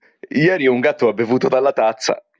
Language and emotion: Italian, happy